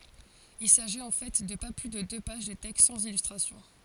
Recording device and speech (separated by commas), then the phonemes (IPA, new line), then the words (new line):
forehead accelerometer, read sentence
il saʒit ɑ̃ fɛ də pa ply də dø paʒ də tɛkst sɑ̃z ilystʁasjɔ̃
Il s’agit en fait de pas plus de deux pages de texte sans illustration.